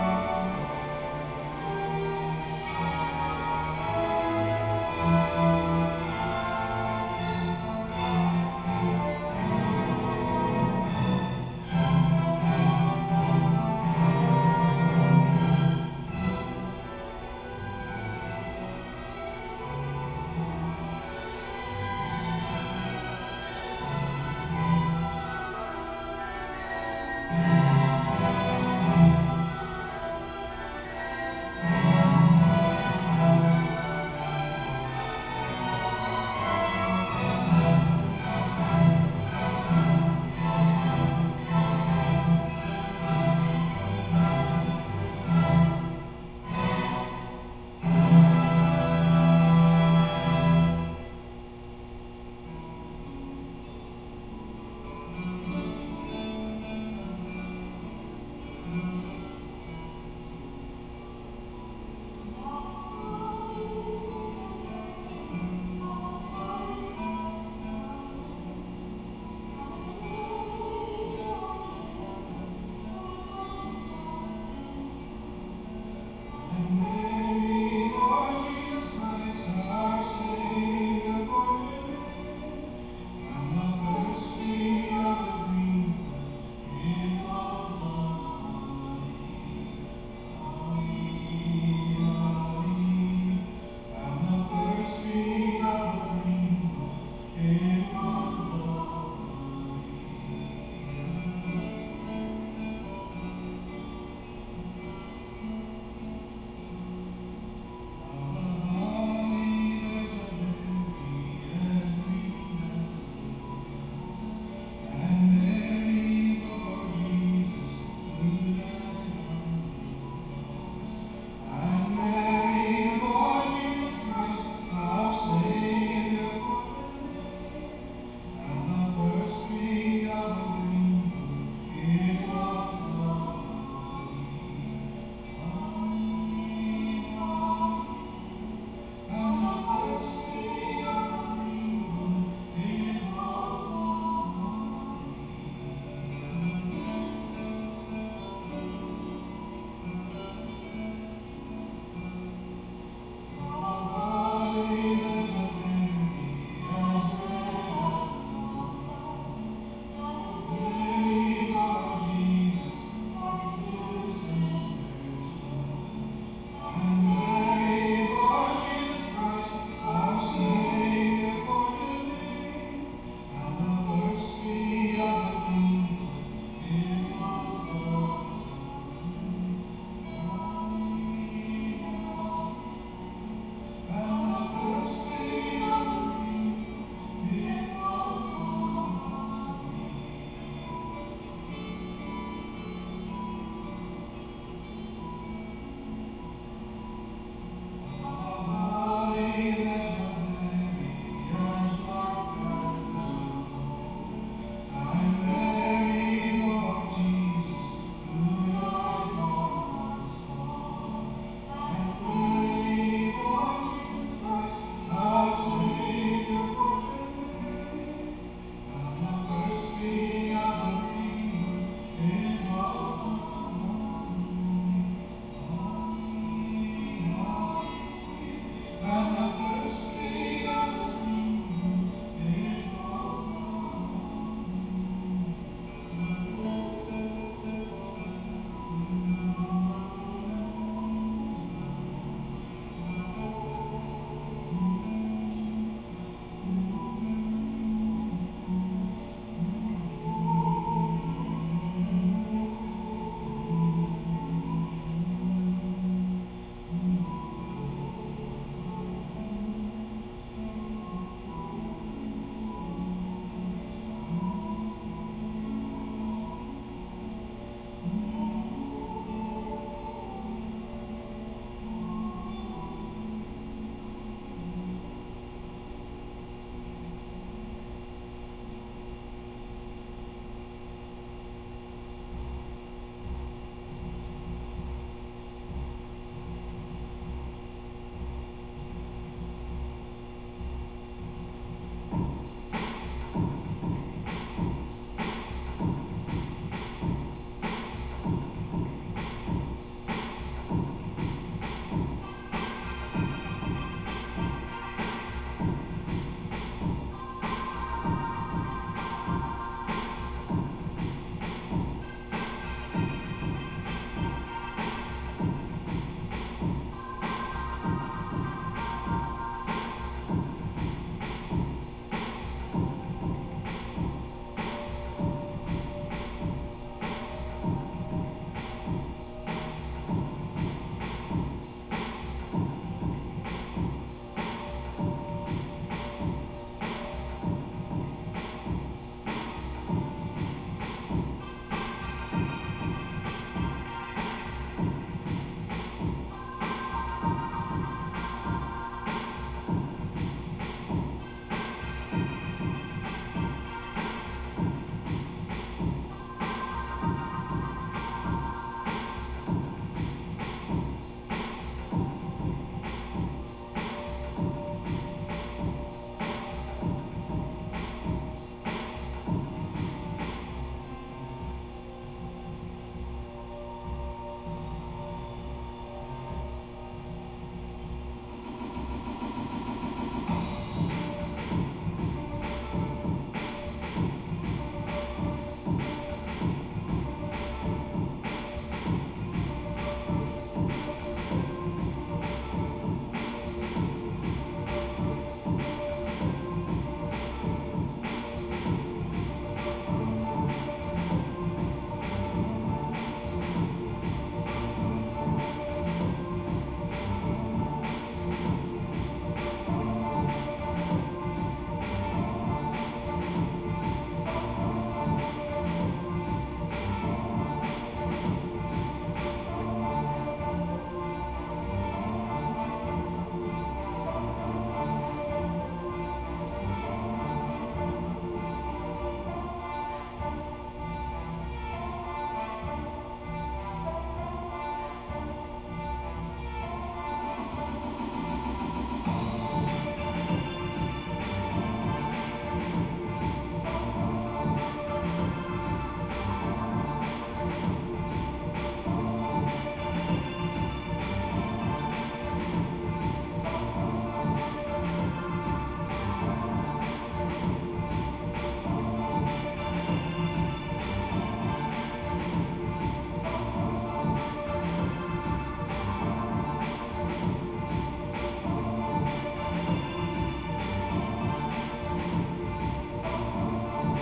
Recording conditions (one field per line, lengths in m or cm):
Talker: no one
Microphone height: 3.2 m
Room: very reverberant, large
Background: music